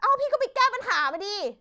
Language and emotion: Thai, angry